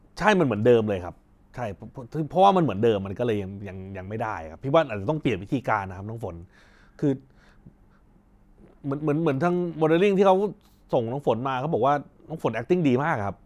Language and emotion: Thai, neutral